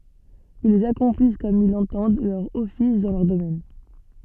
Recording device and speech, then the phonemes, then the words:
soft in-ear microphone, read sentence
ilz akɔ̃plis kɔm il lɑ̃tɑ̃d lœʁ ɔfis dɑ̃ lœʁ domɛn
Ils accomplissent comme ils l’entendent leur office dans leur domaine.

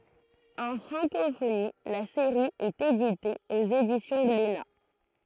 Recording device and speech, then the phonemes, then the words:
throat microphone, read sentence
ɑ̃ fʁɑ̃kofoni la seʁi ɛt edite oz edisjɔ̃ ɡlena
En francophonie, la série est éditée aux éditions Glénat.

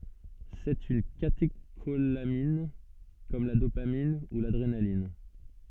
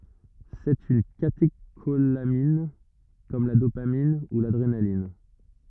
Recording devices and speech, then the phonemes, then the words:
soft in-ear microphone, rigid in-ear microphone, read sentence
sɛt yn kateʃolamin kɔm la dopamin u ladʁenalin
C'est une catécholamine comme la dopamine ou l'adrénaline.

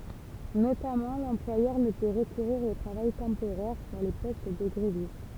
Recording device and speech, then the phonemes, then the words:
temple vibration pickup, read sentence
notamɑ̃ lɑ̃plwajœʁ nə pø ʁəkuʁiʁ o tʁavaj tɑ̃poʁɛʁ syʁ le pɔst də ɡʁevist
Notamment, l'employeur ne peut recourir au travail temporaire sur les postes de grévistes.

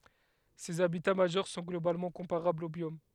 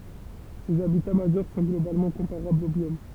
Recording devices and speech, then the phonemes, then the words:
headset microphone, temple vibration pickup, read sentence
sez abita maʒœʁ sɔ̃ ɡlobalmɑ̃ kɔ̃paʁablz o bjom
Ces habitats majeurs sont globalement comparables aux biomes.

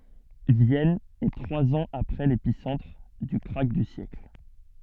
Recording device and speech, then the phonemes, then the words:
soft in-ear microphone, read sentence
vjɛn ɛ tʁwaz ɑ̃z apʁɛ lepisɑ̃tʁ dy kʁak dy sjɛkl
Vienne est trois ans après l'épicentre du krach du siècle.

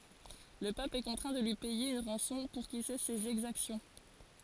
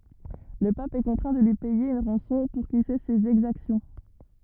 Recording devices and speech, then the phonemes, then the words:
forehead accelerometer, rigid in-ear microphone, read sentence
lə pap ɛ kɔ̃tʁɛ̃ də lyi pɛje yn ʁɑ̃sɔ̃ puʁ kil sɛs sez ɛɡzaksjɔ̃
Le pape est contraint de lui payer une rançon pour qu'il cesse ses exactions.

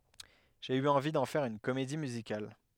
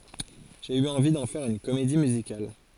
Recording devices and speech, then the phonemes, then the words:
headset microphone, forehead accelerometer, read sentence
ʒe y ɑ̃vi dɑ̃ fɛʁ yn komedi myzikal
J'ai eu envie d'en faire une comédie musicale.

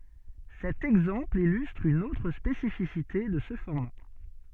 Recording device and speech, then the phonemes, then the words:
soft in-ear microphone, read sentence
sɛt ɛɡzɑ̃pl ilystʁ yn otʁ spesifisite də sə fɔʁma
Cet exemple illustre une autre spécificité de ce format.

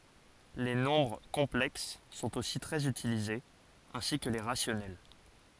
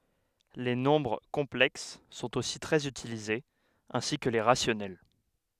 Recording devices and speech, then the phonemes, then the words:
forehead accelerometer, headset microphone, read sentence
le nɔ̃bʁ kɔ̃plɛks sɔ̃t osi tʁɛz ytilizez ɛ̃si kə le ʁasjɔnɛl
Les nombres complexes sont aussi très utilisés, ainsi que les rationnels.

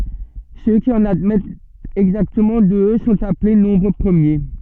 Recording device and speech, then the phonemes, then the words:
soft in-ear microphone, read sentence
sø ki ɑ̃n admɛtt ɛɡzaktəmɑ̃ dø sɔ̃t aple nɔ̃bʁ pʁəmje
Ceux qui en admettent exactement deux sont appelés nombres premiers.

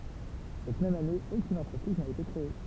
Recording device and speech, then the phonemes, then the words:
temple vibration pickup, read sentence
sɛt mɛm ane okyn ɑ̃tʁəpʁiz na ete kʁee
Cette même année, aucune entreprise n’a été créée.

